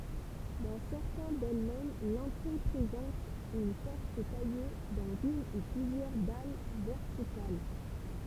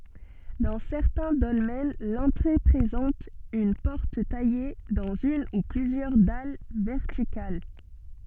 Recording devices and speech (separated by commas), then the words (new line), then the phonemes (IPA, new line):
temple vibration pickup, soft in-ear microphone, read sentence
Dans certains dolmens, l'entrée présente une porte taillée dans une ou plusieurs dalles verticales.
dɑ̃ sɛʁtɛ̃ dɔlmɛn lɑ̃tʁe pʁezɑ̃t yn pɔʁt taje dɑ̃z yn u plyzjœʁ dal vɛʁtikal